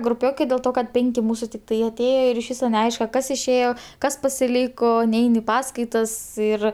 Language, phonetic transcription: Lithuanian, gruˈpiokai dėl ˈto kad ˈpenki ˈmūsu tikˈtai aˈtėjo ir iš ˈvyso neˈaiška ˈkas išˈėjo ˈkas pasiˈlyko ˈnein i ˈpaskaitas ˈir

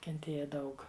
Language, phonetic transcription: Lithuanian, kenˈtėja ˈdaug

